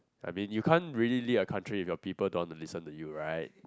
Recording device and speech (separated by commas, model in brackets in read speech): close-talking microphone, conversation in the same room